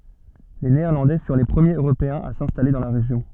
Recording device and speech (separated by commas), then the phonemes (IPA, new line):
soft in-ear microphone, read sentence
le neɛʁlɑ̃dɛ fyʁ le pʁəmjez øʁopeɛ̃z a sɛ̃stale dɑ̃ la ʁeʒjɔ̃